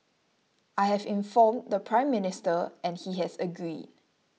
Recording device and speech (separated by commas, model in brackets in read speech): mobile phone (iPhone 6), read sentence